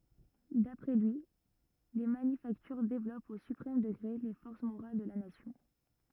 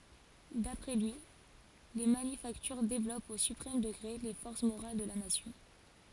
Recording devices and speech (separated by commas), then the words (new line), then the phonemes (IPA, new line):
rigid in-ear microphone, forehead accelerometer, read sentence
D'après lui, les manufactures développent au suprême degré les forces morales de la nation.
dapʁɛ lyi le manyfaktyʁ devlɔpt o sypʁɛm dəɡʁe le fɔʁs moʁal də la nasjɔ̃